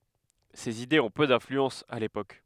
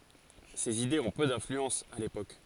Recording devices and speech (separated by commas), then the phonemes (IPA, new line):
headset microphone, forehead accelerometer, read sentence
sez idez ɔ̃ pø dɛ̃flyɑ̃s a lepok